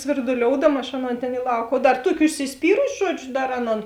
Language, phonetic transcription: Lithuanian, svirduˈlioudama aš ˈaˌnon ˈtėn i ˈlauk o ˈdar ˈtuoki užsisˈpyrusi ˈžuodžiu ˈdar ˈaˌnon

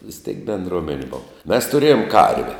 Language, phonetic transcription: Lithuanian, vis tėk benˈdromenė ˈbov mes tuˈrėjom ˈkarve

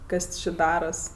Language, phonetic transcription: Lithuanian, ˈkas či ˈdaras

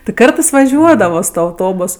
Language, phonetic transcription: Lithuanian, ti ˈkartɜs vaˈžiuodavo su ˈtuo auˈtobus

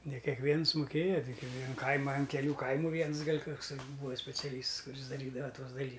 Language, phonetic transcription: Lithuanian, ne kekˈviens muˈkėja ˈtik i vien ˈkaima an keˈlių ˈkaimu ˈviens ˈgal' ˈkuks ˈbūa speciaˈlysts kuˈris daˈrydava ˈtuos daˈly

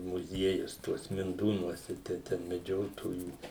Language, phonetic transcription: Lithuanian, muˈziejus ˈtuos minˈdūnuose ˈtai ten meˈdžiotojų

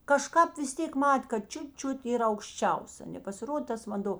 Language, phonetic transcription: Lithuanian, kaˈžkāp vis ˈtėk ˈmat' kad ˈčiut ˈčiut yˈra aukšˈčiaus a nepasiˈrodė ˈtas vanˈdo

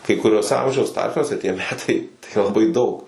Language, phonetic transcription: Lithuanian, kai kuˈriuos ˈamžiaus ˈtarpsniuose tie ˈmetai tai laˈbai daug

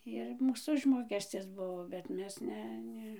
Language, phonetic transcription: Lithuanian, ir ˈmūs ˈužmokescis ˈbuvo bet ˈmes ˈne ˈne

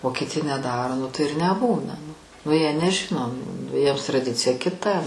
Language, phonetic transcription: Lithuanian, o kiti neˈdaro nu tai ir neˈbūna nu nu ˈjie neˈžino nu ˈjiems traˈdicija kiˈta

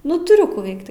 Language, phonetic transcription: Lithuanian, ˈnu tuˈriu ˈkų ˈveikt

